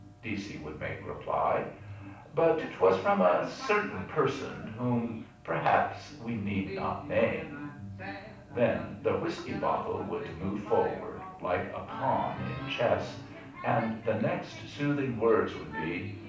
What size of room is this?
A moderately sized room (about 5.7 m by 4.0 m).